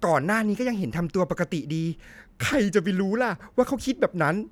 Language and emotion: Thai, happy